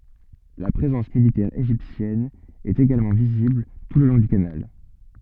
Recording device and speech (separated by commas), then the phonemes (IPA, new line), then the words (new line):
soft in-ear microphone, read sentence
la pʁezɑ̃s militɛʁ eʒiptjɛn ɛt eɡalmɑ̃ vizibl tu lə lɔ̃ dy kanal
La présence militaire égyptienne est également visible tout le long du canal.